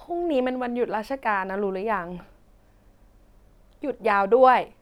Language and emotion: Thai, frustrated